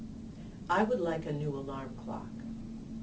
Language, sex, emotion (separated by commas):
English, female, neutral